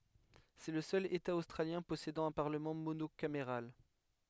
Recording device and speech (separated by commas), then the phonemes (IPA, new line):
headset microphone, read sentence
sɛ lə sœl eta ostʁaljɛ̃ pɔsedɑ̃ œ̃ paʁləmɑ̃ monokameʁal